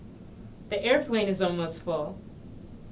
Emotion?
neutral